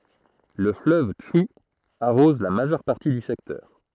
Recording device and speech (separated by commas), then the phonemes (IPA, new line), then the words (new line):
throat microphone, read sentence
lə fløv tʃu aʁɔz la maʒœʁ paʁti dy sɛktœʁ
Le fleuve Tchou arrose la majeure partie du secteur.